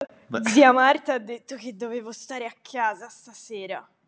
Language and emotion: Italian, disgusted